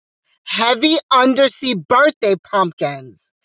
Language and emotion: English, disgusted